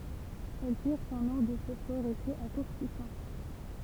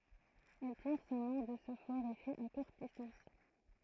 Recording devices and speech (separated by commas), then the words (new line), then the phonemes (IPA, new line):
temple vibration pickup, throat microphone, read sentence
Elle tire son nom de ce fort effet à courte distance.
ɛl tiʁ sɔ̃ nɔ̃ də sə fɔʁ efɛ a kuʁt distɑ̃s